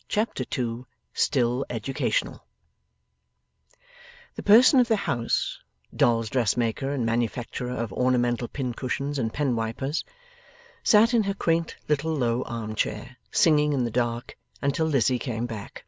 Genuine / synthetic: genuine